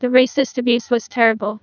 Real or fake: fake